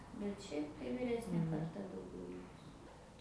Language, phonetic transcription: Lithuanian, bet ˈšiaip tai viˈresnė karˈta dauˈgiau ˈlikus

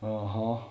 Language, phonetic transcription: Lithuanian, aˈha

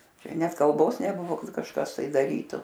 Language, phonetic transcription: Lithuanian, ˈčia ˈnet kalˈbos neˈbuvo ˈkad kažˈkas tai daˈrytu

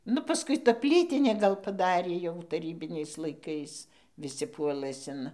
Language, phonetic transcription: Lithuanian, ˈnu paˈskui ˈta ˈplytinė ˈgal paˈdarė jau taˈrybiniais laiˈkais viˈsi ˈpuolɘs in

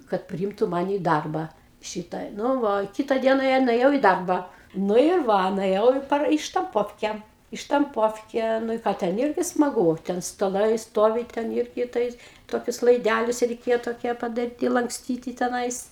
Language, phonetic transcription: Lithuanian, kad priˈimtu ˈmani i ˈdarba ˈšita ˈnu ˈva ˈkita ˈdiena jau nuėˈjau i ˈdarba ˈnu ir ˈva nueˈjau i ˈpar i štamˈpovke i štamˈpovke ˈnu i ˈką ˈten ˈirgi smaˈgū ˈten staˈlai ˈstovi ˈten ˈirgi ˈtais ˈtokius laiˈdælius reiˈkėjo toˈkie padaˈryti lankˈstyti teˈnais

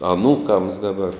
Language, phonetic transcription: Lithuanian, aˈnūkams ˈdabar

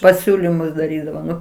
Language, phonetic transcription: Lithuanian, paˈsiūlimus daˈrydavo ˈnu

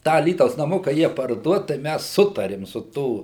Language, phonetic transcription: Lithuanian, ˈtą aˈlytaus naˈmuka ˈjie parˈduot tai ˈmæs ˈsutarim su ˈtų

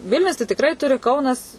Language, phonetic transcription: Lithuanian, ˈvilnius tai tikˈrai ˈturi ˈkaunas

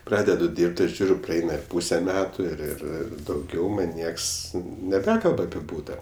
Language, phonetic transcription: Lithuanian, ˈpradedu ˈdyrbt ir ˈžiūriu praˈeina ir ˈpūse ˈmetu ir ir ˈir dauˈgiau ˈman' ˈnieks neˈbekalb api ˈbūta

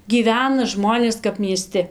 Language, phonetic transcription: Lithuanian, gyˈvena ˈžmonės kap mieˈsti

